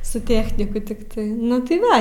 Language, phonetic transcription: Lithuanian, su ˈtechniku tikˈtai ˈnu tai ˈva

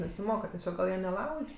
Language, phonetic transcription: Lithuanian, nesiˈmoka teˈsiog gal ˈjie neˈlauž'

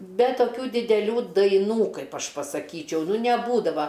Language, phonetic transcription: Lithuanian, ˈbe toˈkių dideˈlių daiˈnų ˈkaip ˈaš pasaˈkyčiau neˈbūdava

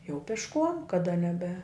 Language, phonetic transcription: Lithuanian, jau pišˈkuom kaˈda neˈbe

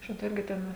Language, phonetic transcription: Lithuanian, ˈšita ˈirgi ˈten a

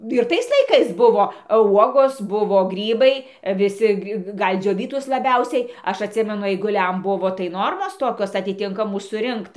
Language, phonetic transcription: Lithuanian, ir ˈtais laiˈkais ˈbuvo ˈuogos ˈbuvo ˈgrybai viˈsi ˈgal' ˈdžiovytus laˈbiausiai ˈaš atˈsimenu aiguˈliam ˈbuvo tai ˈnormos ˈtokios atiˈtinkamų suˈrinkt

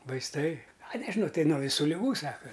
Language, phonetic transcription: Lithuanian, vaisˈtai a nežiˈnau ˈtai nuo viˈsų liˈgų ˈsaka

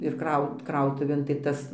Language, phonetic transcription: Lithuanian, ir ˈkraut ˈkrautuvėn tai ˈtas

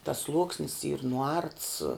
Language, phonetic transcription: Lithuanian, tas ˈsluoksnis yr nuˈarts

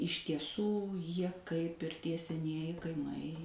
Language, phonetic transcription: Lithuanian, iš tieˈsų ˈjie kaip ir ˈtie seˈnieji kaiˈmai

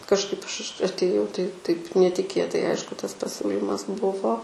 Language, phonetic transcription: Lithuanian, kažˈkaip ˈaš š atėˈjau tai taip netiˈkėtai ˈaišku ˈtas paˈsiūlymas ˈbuvo

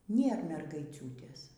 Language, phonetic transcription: Lithuanian, ˈnėr mergaiˈciūtės

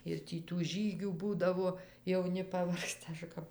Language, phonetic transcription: Lithuanian, ir ˈtį tų ˈžygių ˈbūdavo jauˈni paˈvargsta ˈaš kap

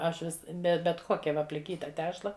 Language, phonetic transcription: Lithuanian, ˈaš ˈvis ˈbe bet ˈkokia ˈva pliˈkyta ˈtešla

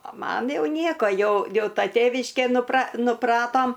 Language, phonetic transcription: Lithuanian, o ˈman ˈjau ˈnieko ˈjau ˈjau ˈta ˈtėviškė nupra nuˈpratom

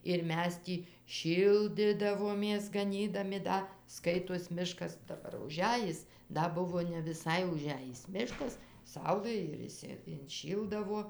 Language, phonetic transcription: Lithuanian, ir ˈmes ˈtį ˈšyldidavomės gaˈnydami ˈda ˈskaitos ˈmiškas daˈbar uˈžejis ˈda ˈbuvo ne viˈsai uˈžæjis ˈmiškas ˈsaulɘ ir išˈsi inˈšyldavo

